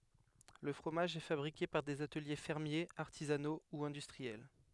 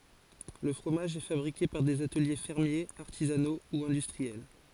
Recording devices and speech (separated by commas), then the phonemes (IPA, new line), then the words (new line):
headset microphone, forehead accelerometer, read sentence
lə fʁomaʒ ɛ fabʁike paʁ dez atəlje fɛʁmjez aʁtizano u ɛ̃dystʁiɛl
Le fromage est fabriqué par des ateliers fermiers, artisanaux ou industriels.